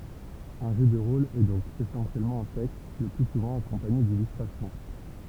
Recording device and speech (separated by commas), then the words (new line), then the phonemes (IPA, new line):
temple vibration pickup, read sentence
Un jeu de rôle est donc essentiellement un texte, le plus souvent accompagné d'illustrations.
œ̃ ʒø də ʁol ɛ dɔ̃k esɑ̃sjɛlmɑ̃ œ̃ tɛkst lə ply suvɑ̃ akɔ̃paɲe dilystʁasjɔ̃